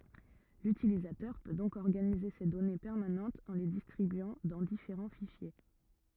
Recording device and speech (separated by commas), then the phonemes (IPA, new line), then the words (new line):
rigid in-ear microphone, read sentence
lytilizatœʁ pø dɔ̃k ɔʁɡanize se dɔne pɛʁmanɑ̃tz ɑ̃ le distʁibyɑ̃ dɑ̃ difeʁɑ̃ fiʃje
L'utilisateur peut donc organiser ses données permanentes en les distribuant dans différents fichiers.